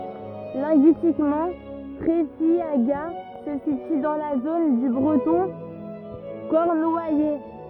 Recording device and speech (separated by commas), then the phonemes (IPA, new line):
rigid in-ear microphone, read sentence
lɛ̃ɡyistikmɑ̃ tʁɛfjaɡa sə sity dɑ̃ la zon dy bʁətɔ̃ kɔʁnwajɛ